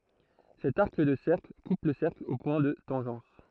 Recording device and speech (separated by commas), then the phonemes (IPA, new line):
throat microphone, read sentence
sɛt aʁk də sɛʁkl kup lə sɛʁkl o pwɛ̃ də tɑ̃ʒɑ̃s